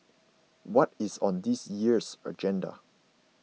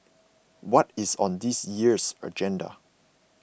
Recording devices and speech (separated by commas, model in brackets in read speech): mobile phone (iPhone 6), boundary microphone (BM630), read sentence